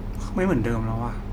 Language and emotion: Thai, frustrated